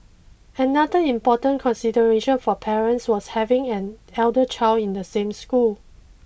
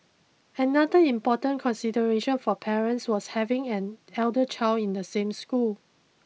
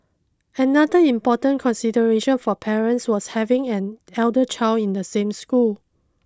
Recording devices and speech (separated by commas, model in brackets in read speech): boundary microphone (BM630), mobile phone (iPhone 6), close-talking microphone (WH20), read sentence